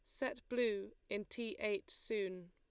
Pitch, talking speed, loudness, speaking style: 210 Hz, 155 wpm, -41 LUFS, Lombard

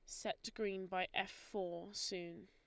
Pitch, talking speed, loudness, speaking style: 190 Hz, 160 wpm, -43 LUFS, Lombard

